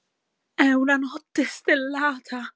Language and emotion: Italian, fearful